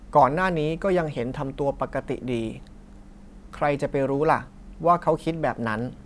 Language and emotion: Thai, neutral